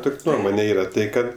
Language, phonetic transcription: Lithuanian, ˈtuk' ˈnuomone ˈyra ˈtai ˈkad

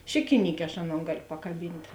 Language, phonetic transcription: Lithuanian, ˈšikiˌnykė aš ˈaˌnon ˈgalio pakaˈbynt'

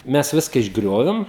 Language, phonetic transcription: Lithuanian, ˈmes ˈviska išˈgriovim

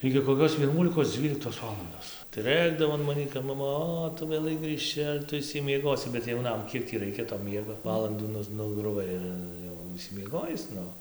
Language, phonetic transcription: Lithuanian, igi koˈkios vieˈnuolikos ˈdzvyliktos ˈvalandos tai ˈrɘkdavo an ˈmanį kap maˈma ˈo ˈtu vėˈlai grɨžˈči ar ˈtu išsimieˈgosi bet jauˈnam ˈkiek tį ˈraikia to ˈmiego ˈvalandų ˈnuz nugruˈvai ir ˈjau išsimieˈgojis ˈnu

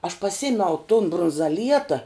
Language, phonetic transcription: Lithuanian, aš paˈsimiau tun brunzaˈlieta

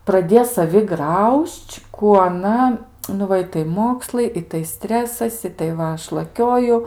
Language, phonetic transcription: Lithuanian, praˈdė saˈvi ˈgrauž'č' ˈkų aˈna nu ˈva ˈitai ˈmokslai ˈitai ˈstresas ˈitai ˈva ˈaš laˈkioju

